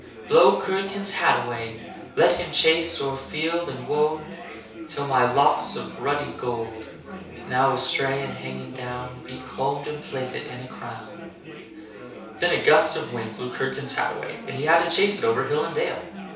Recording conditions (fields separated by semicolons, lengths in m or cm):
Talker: one person; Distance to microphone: 3.0 m; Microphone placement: far; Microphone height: 1.8 m; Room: small (3.7 m by 2.7 m); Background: babble